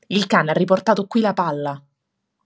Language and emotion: Italian, angry